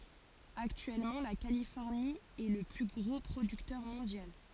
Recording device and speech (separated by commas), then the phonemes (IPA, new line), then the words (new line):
forehead accelerometer, read sentence
aktyɛlmɑ̃ la kalifɔʁni ɛ lə ply ɡʁo pʁodyktœʁ mɔ̃djal
Actuellement la Californie est le plus gros producteur mondial.